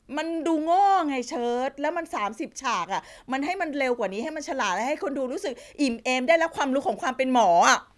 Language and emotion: Thai, frustrated